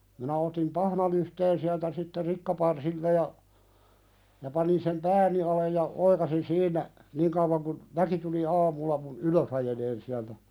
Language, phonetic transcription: Finnish, minä otim "pahnalyhteen siältä sitte 'rikkaparsilta ja , ja 'panin sem "pääni alej ja 'oikasin "siin̆nä , "niiŋ kəuvaŋ kun , "väki tuli 'aamulla mun , "ylös ‿ajeleen siältä ,.
- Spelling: minä otin pahnalyhteen sieltä sitten rikkaparsilta ja ja panin sen pääni alle ja oikaisin siinä niin kauan kun väki tuli aamulla minun ylös ajelemaan sieltä

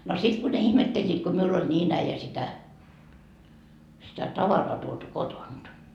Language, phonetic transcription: Finnish, no 'sit ku ne 'ihmetteĺĺiit ku 'miull ‿oĺ "nii"n ‿äijä sitä , sitä "tavaraa tuotu "kotont .
- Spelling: no sitten kun ne ihmettelivät kun minulla oli niin äijä sitä sitä tavaraa tuotu kotoa

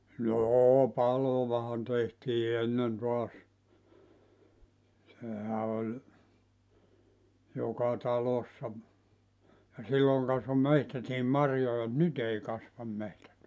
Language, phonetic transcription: Finnish, "noo 'palovahan tehtii 'ennen toas , 'sehä oĺ , 'joka 'talossa , ja 'silloŋ kasvo "mehtätiim "marjoja ᵐᵘᵗ "nyt ‿ei 'kasvam 'mehtät .
- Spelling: no paloahan tehtiin ennen taas sehän oli joka talossa ja silloin kasvoi metsätkin marjoja mutta nyt ei kasva metsät

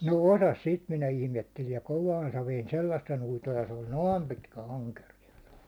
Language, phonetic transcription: Finnish, no 'osas 'sit minä 'ihmettelin̬ , ja "kovaan saveen "sellassen uitoj ja se oĺ "noom pitkä aŋkerija .
- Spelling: no osasi sitten minä ihmettelin ja kovaan saveen sellaisen uiton ja se oli noin pitkä ankerias

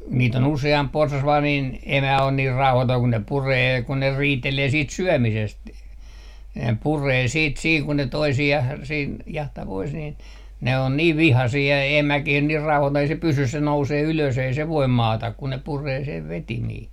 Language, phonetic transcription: Finnish, niit ‿on 'use₍amp 'porsas vaa niin , emä on niir 'rauhatoi kun ne 'puree kun ne 'riitelee 'siit "syömisest , ne 'puree 'siit 'sii kun ne 'toisi₍ah siin , jahta pois niin , ne on 'niiv "vihasii ja 'emäkih 'niir "rauhatoi ei se 'pysys se 'nousee ylös ei se 'voim "maata kun ne 'puree 'sev "vetimii .
- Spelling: niitä on useampi porsas vain niin emä on niin rauhaton kun ne puree kun ne riitelee siitä syömisestä ne puree sitten siinä kun ne toisiaan siinä jahtaa pois niin ne on niin vihaisia ja emäkin niin rauhaton ei se pysy se nousee ylös ei se voi maata kun ne puree sen vetimiä

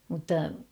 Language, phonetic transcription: Finnish, mutta ...
- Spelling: mutta

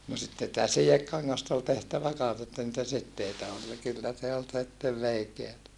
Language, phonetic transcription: Finnish, no sitte [si]tä sijekkaŋŋasta ol tehtävä kans että niitä sitteitä ol ja kyllä se ol sittev veikeätä .
- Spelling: no sitten sitä sidekangasta oli tehtävä kanssa että niitä siteitä oli ja kyllä se oli sitten veikeätä

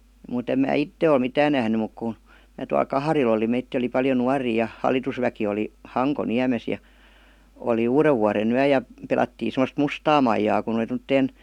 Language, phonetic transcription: Finnish, mùt ‿em mää "itte ol "mitään nähny muk ku , mää tual "Kaharil ‿oli 'meittii oli paljo "nuarii ja , 'hal̀itusväki oli , 'Haŋko'niämes ja , oli "uurevvuaren‿yä ja , 'pelattii sem°st "mustaa maijaa kun ‿oli tom°tteen ,.
- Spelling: mutta en minä itse ole mitään nähnyt mutta kun minä tuolla Kaharilla olin meitä oli paljon nuoria ja hallitusväki oli Hankoniemessä ja oli uudenvuodenyö ja pelattiin semmoista mustaa maijaa kun oli tuommoiseen

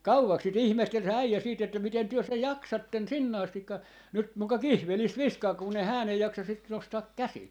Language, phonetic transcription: Finnish, "kauvaks sit "ihmehtel se 'äijä siit että » 'miten 'työ sej "jaksatten "sinne 'astikka , nyt 'muka "kihvelis "viskaa kunn ‿e 'hään ‿ei 'jaksa sit , 'nostaak "käsil » .
- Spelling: kauaksi sitä ihmetteli se äijä sitten että miten te sen jaksatte sinne asti nyt muka kihvelissä viskaa kun ei hän ei jaksa sitä nostaa käsillä

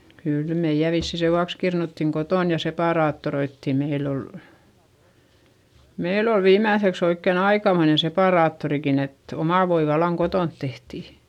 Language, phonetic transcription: Finnish, kỳl meiʲä vissi sevuaks kirnuttiŋ kotòn ja sepàraattoroittì - meill ‿ol , meil ‿ol viimmä̀ϑeks ‿oikken ‿aikamoine sepàraattorikin ‿et , omà voi vallaŋ kotònt tehti .
- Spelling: kyllä meidän vissiin sen vuoksi kirnuttiin kotona ja separaattoroitiin meillä oli meillä oli viimeiseksi oikein aikamoinen separaattorikin että oma voi vallan kotona tehtiin

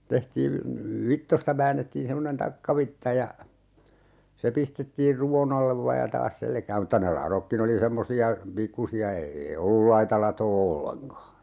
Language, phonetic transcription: Finnish, 'tehtii(n) , "vittosta 'väännettiin 'semmonen "takkavitta ja , se 'pistettiir "ruwon ‿allev vaaj ja 'taas "selkääm mᵘtta ne 'larokkin ‿oli 'semmosi₍a , "pikkusi₍a 'ee₍ei ollul "laita latoo 'olleŋka .
- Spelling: tehtiin vitsoista väännettiin semmoinen takkavitsa ja se pistettiin ruvon alle vain ja taas selkään mutta ne ladotkin oli semmoisia pikkuisia ei ollut laita latoa ollenkaan

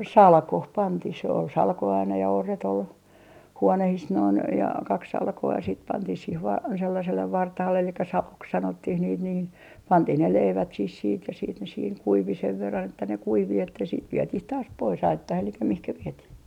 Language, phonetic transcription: Finnish, "salkoh 'pantih sᵉ ‿ol 'salko aina ja 'orret ‿ol , 'huonehis noin ja 'kak 'salko₍a siit 'pantih siih vaa 'sellasellev 'vartahalle elikkä "salok 'sanottih niit nii , "pantih ne 'leivät sih siit ja siit ne siiŋ "kuivi sev verran että ne "kuivi että siit 'vietih taas pois "aittah elikkä 'mihkä 'vietih .
- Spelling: salkoon pantiin se oli salko aina ja orret oli huoneissa noin ja kaksi salkoa sitten pantiin siihen vain sellaiselle vartaalle eli saloksi sanottiin niitä niin pantiin ne leivät siihen sitten ja sitten ne siinä kuivui sen verran että ne kuivui että sitten vietiin taas pois aittaan eli mihin vietiin

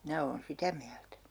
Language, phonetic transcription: Finnish, 'minä oon "sitä miältä .
- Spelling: minä olen sitä mieltä

